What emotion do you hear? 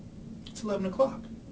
neutral